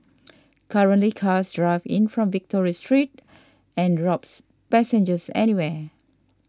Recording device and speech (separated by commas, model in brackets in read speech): standing microphone (AKG C214), read sentence